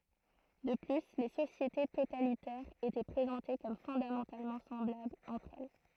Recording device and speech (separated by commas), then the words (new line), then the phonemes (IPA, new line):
throat microphone, read sentence
De plus, les sociétés totalitaires étaient présentées comme fondamentalement semblables entre elles.
də ply le sosjete totalitɛʁz etɛ pʁezɑ̃te kɔm fɔ̃damɑ̃talmɑ̃ sɑ̃blablz ɑ̃tʁ ɛl